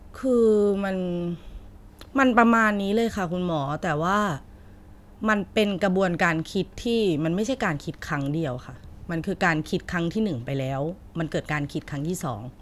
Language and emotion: Thai, frustrated